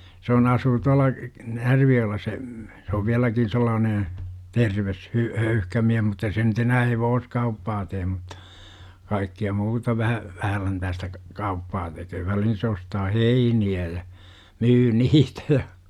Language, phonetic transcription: Finnish, 'se on 'asuu tual̆la , "Närvi-jo₍ella se , se ov 'viäläkin̬ 'sellaanen̬ , "terves , 'hy- , "höyhkä miäh mutta 'se nyt ‿enää "hevooskauppaa teem MUttA , kaikki₍a 'muuta 'vähä , 'vähäläntäästä , 'kauppaa teköö välihin se ostaa "heini₍ä ja , 'myy "niitä ja .
- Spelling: se on asuu tuolla Närvijoella se se on vieläkin sellainen terve - höyhkä mies mutta se nyt enää hevoskauppaa tee mutta kaikkea muuta vähän vähänläntäistä kauppaa tekee väliin se ostaa heiniä ja myy niitä ja

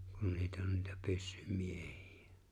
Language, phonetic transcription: Finnish, kun 'niit ‿on niitä 'pyssym'mieʜɪ₍ᴀ̈ .
- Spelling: kun niitä on niitä pyssymiehiä

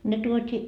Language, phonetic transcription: Finnish, 'ne tuot́ii .
- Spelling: ne tuotiin

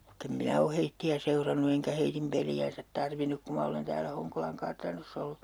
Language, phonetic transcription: Finnish, (vaih)kem 'minä o heitti₍ä 'seurannu eŋkä heitim 'peli₍äänsät tarvinuk 'ku ma olen täälä 'Hoŋkolaŋ "kartanoss ‿ollu .
- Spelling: vaikka en minä ole heitä seurannut enkä heidän peliään tarvinnut kun minä olen täällä Honkolan kartanossa ollut

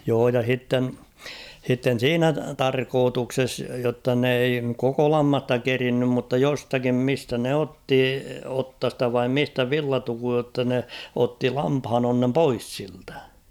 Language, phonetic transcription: Finnish, joo ja 'h̬itten , h̬itten̬ "siinä "tarkootukses jotta n ‿ei 'koko 'lammasta "kerinnym mutta 'jostakim 'mistä ne "otti 'ottasta vaim 'mistä "villatukuj jotta ne , 'otti 'lamphanonnem "pois siltᴀ̈ .
- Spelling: joo ja sitten sitten siinä tarkoituksessa jotta ne ei koko lammasta kerinnyt mutta jostakin mistä ne otti otsasta vai mistä villatukun jotta ne otti lampaanonnen pois siltä

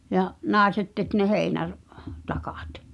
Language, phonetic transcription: Finnish, ja , "nài̬set tek ne 'heinär̳- , -'takᴀt .
- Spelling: ja naiset teki ne - heinätakat

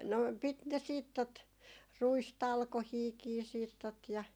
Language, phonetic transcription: Finnish, no 'pit ne 'siit tot , "ruistalkohiikii siit tot ja ,.
- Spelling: no piti ne sitten tuota ruistalkoitakin sitten tuota ja

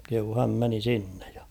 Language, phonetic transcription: Finnish, kehuu 'häm meni 'sinnᴇᴊ ᴊᴀ .
- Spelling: kehui hän meni sinne ja

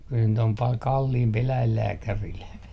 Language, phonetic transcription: Finnish, kyl nyt ‿om pal kalliimpi 'eläillääkäril .
- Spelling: kyllä nyt on paljon kalliimpi eläinlääkärillä

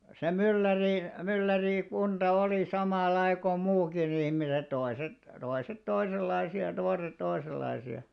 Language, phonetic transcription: Finnish, se 'mylläri- , 'myllärìkunᴅa olì 'samàllai ko 'muukkin ‿ihniset 'toḙ§set , 'toiset "toisellaisi₍a (ja) 'toḙ§set 'toḙ§sellaisi₍a .
- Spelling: se - myllärikunta oli samanlaista kuin muutkin ihmiset toiset toiset toisenlaisia ja toiset toisenlaisia

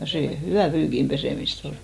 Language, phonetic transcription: Finnish, ja 'sè "hyvä̀ 'pyykim pesèmis't ‿ol .
- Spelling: ja se hyvää pyykin pesemistä oli

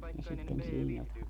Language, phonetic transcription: Finnish, ja sitten siinä ,.
- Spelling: ja sitten siinä

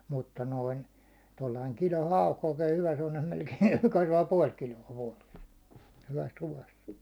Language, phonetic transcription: Finnish, mutta noin , tollaiŋ 'kilon̬ "hauk oikee hyvä semmonem melkein̬ 'puål 'kilo₍a , vuåles , hyväs 'ruvas .
- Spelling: mutta noin tuolla lailla kilon hauki oikein hyvä semmoinen melkein kasvaa puoli kiloa vuodessa hyvässä ruuassa

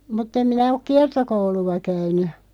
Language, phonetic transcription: Finnish, mut't ‿em minä ok "kiartokoulu₍a 'käyny .
- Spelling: mutta en minä ole kiertokoulua käynyt

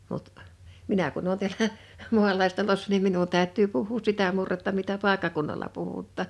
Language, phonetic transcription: Finnish, mut , 'minä kun ‿oon tiälä , "mu̬alaistalossa nim 'minun tä̀ö̭t̆tyy puh̀uus 'sitä murretta mitä "pàekkakunnala 'puhuttà .
- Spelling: mutta minä kun olen täällä maalaistalossa niin minun täytyy puhua sitä murretta mitä paikkakunnalla puhutaan

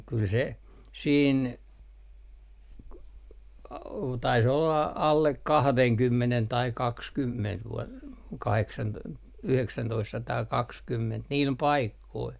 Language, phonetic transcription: Finnish, kyl 'se , siin , k- , tais olla 'allek "kahdeŋkymmenen tai "kakskymment vu- , 'kaheksan- , 'yheksäntoistsataa'kakskymment 'niil "paikkoil .
- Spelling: kyllä se siinä - taisi olla alle kahdenkymmenen tai kaksikymmentä - - yhdeksäntoistasataakaksikymmentä niillä paikoilla

